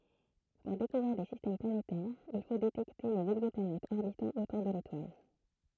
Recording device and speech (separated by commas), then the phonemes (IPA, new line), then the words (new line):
throat microphone, read sentence
puʁ dekuvʁiʁ de sistɛm planetɛʁz il fo detɛkte lez ɛɡzɔplanɛtz ɔʁbitɑ̃ otuʁ də letwal
Pour découvrir des systèmes planétaires, il faut détecter les exoplanètes orbitant autour de l'étoile.